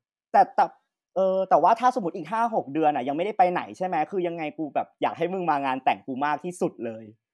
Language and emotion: Thai, happy